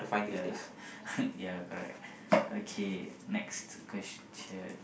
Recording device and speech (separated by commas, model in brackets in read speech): boundary microphone, conversation in the same room